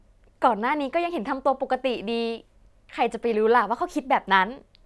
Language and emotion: Thai, happy